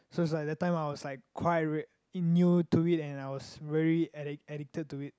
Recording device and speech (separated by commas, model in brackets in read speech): close-talking microphone, conversation in the same room